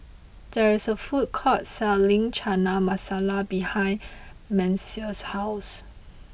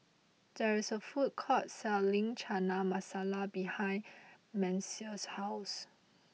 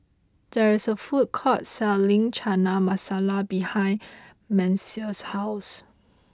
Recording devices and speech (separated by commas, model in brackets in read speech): boundary microphone (BM630), mobile phone (iPhone 6), close-talking microphone (WH20), read sentence